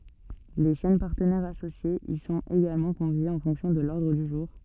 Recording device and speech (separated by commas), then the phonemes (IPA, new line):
soft in-ear microphone, read sentence
le ʃɛn paʁtənɛʁz asosjez i sɔ̃t eɡalmɑ̃ kɔ̃vjez ɑ̃ fɔ̃ksjɔ̃ də lɔʁdʁ dy ʒuʁ